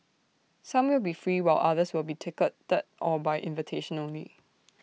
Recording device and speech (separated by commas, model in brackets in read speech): mobile phone (iPhone 6), read sentence